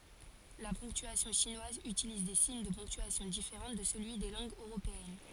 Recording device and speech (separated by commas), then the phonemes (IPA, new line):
forehead accelerometer, read sentence
la pɔ̃ktyasjɔ̃ ʃinwaz ytiliz de siɲ də pɔ̃ktyasjɔ̃ difeʁɑ̃ də səlyi de lɑ̃ɡz øʁopeɛn